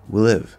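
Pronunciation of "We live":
In 'we live', the vowel of 'we' is dropped completely, so the w goes straight into the l of 'live'.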